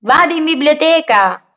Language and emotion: Italian, happy